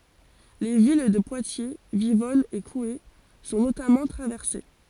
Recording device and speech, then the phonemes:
forehead accelerometer, read sentence
le vil də pwatje vivɔn e kue sɔ̃ notamɑ̃ tʁavɛʁse

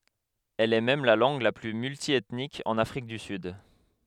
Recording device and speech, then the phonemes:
headset microphone, read sentence
ɛl ɛ mɛm la lɑ̃ɡ la ply myltjɛtnik ɑ̃n afʁik dy syd

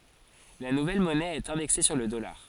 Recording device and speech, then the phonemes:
forehead accelerometer, read sentence
la nuvɛl mɔnɛ ɛt ɛ̃dɛkse syʁ lə dɔlaʁ

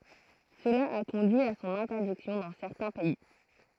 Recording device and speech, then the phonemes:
throat microphone, read sentence
səla a kɔ̃dyi a sɔ̃n ɛ̃tɛʁdiksjɔ̃ dɑ̃ sɛʁtɛ̃ pɛi

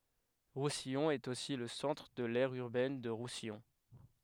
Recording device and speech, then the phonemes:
headset microphone, read sentence
ʁusijɔ̃ ɛt osi lə sɑ̃tʁ də lɛʁ yʁbɛn də ʁusijɔ̃

